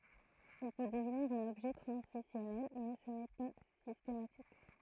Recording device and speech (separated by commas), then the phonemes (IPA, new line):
throat microphone, read sentence
il pø dəvniʁ œ̃n ɔbʒɛ tʁɑ̃zisjɔnɛl mɛ sə nɛ pa sistematik